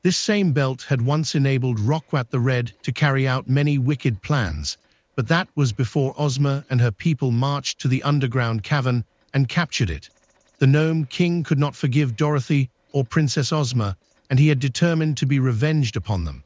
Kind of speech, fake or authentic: fake